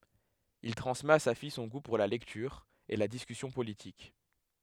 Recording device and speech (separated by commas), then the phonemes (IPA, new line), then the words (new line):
headset microphone, read sentence
il tʁɑ̃smɛt a sa fij sɔ̃ ɡu puʁ la lɛktyʁ e la diskysjɔ̃ politik
Il transmet à sa fille son goût pour la lecture et la discussion politique.